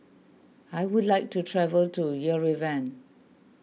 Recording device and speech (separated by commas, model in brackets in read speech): mobile phone (iPhone 6), read sentence